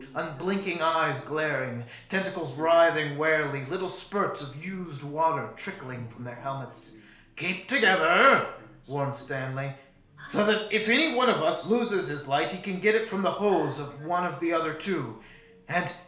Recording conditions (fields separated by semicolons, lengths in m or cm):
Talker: one person; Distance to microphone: 1.0 m; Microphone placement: close; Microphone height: 1.1 m; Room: small (3.7 m by 2.7 m); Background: television